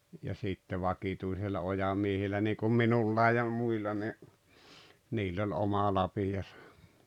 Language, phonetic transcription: Finnish, ja 'sitte 'vakituisilla 'ojamiehillä niikum "minullai ja , 'muilla ni , 'niill ‿oĺ "oma 'lapijasᴀ .
- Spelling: ja sitten vakituisilla ojamiehillä niin kuin minullakin ja muilla niin niillä oli oma lapionsa

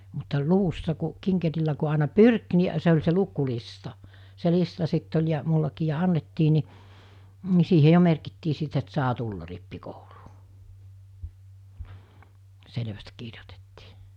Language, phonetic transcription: Finnish, mutta 'luvussa ku , 'kiŋkerillä ku àena "pyrk ni , se oĺ se 'luku'lista , se 'lista sitt ‿oĺ ja , mullakii ja 'annettii ni , ni 'siihe 'jo merkittii sit et 'saa tulla̳ rippikouluu , 'selᵉväst 'kirjotettɪɪ .
- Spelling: mutta luvussa kun kinkerillä kun aina pyrki niin se oli se lukulista se lista sitten oli ja minullakin ja annettiin niin niin siihen jo merkittiin sitten että saa tulla rippikouluun selvästi kirjoitettiin

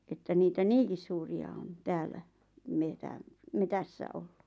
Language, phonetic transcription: Finnish, että niitä "niiŋkis suuri₍a on , "täällä , 'metäm- , "metässä ollᴜ .
- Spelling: että niitä niinkin suuria on täällä - metsässä ollut

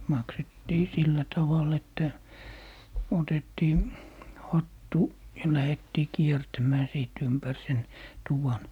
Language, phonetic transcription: Finnish, 'maksettii "sillä 'taval ‿että , 'otettii , 'hattu , ja 'lähettii "kiertämää 'sìt 'ympär 'sen , "tuvan .
- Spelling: maksettiin sillä tavalla että otettiin hattu ja lähdettiin kiertämään sitten ympäri sen tuvan

